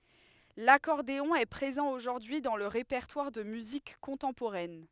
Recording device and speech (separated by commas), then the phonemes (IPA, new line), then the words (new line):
headset microphone, read sentence
lakɔʁdeɔ̃ ɛ pʁezɑ̃ oʒuʁdyi dɑ̃ lə ʁepɛʁtwaʁ də myzik kɔ̃tɑ̃poʁɛn
L'accordéon est présent aujourd'hui dans le répertoire de musique contemporaine.